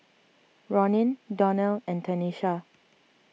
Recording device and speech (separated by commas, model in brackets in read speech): mobile phone (iPhone 6), read sentence